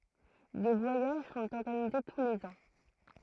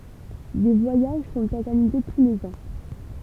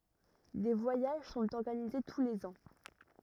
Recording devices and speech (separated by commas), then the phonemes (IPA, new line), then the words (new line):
throat microphone, temple vibration pickup, rigid in-ear microphone, read sentence
de vwajaʒ sɔ̃t ɔʁɡanize tu lez ɑ̃
Des voyages sont organisés tous les ans.